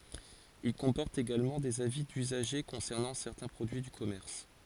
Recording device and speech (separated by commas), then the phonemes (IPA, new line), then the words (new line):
forehead accelerometer, read sentence
il kɔ̃pɔʁtt eɡalmɑ̃ dez avi dyzaʒe kɔ̃sɛʁnɑ̃ sɛʁtɛ̃ pʁodyi dy kɔmɛʁs
Ils comportent également des avis d'usagers concernant certains produits du commerce.